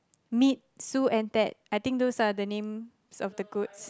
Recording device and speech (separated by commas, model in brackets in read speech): close-talking microphone, conversation in the same room